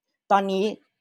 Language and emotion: Thai, neutral